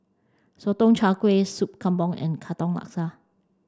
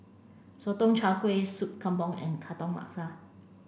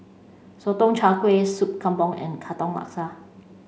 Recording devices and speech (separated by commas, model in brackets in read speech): standing microphone (AKG C214), boundary microphone (BM630), mobile phone (Samsung C5), read sentence